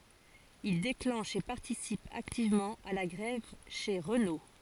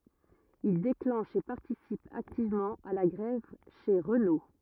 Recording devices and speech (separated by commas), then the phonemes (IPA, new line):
forehead accelerometer, rigid in-ear microphone, read sentence
il deklɑ̃ʃ e paʁtisip aktivmɑ̃ a la ɡʁɛv ʃe ʁəno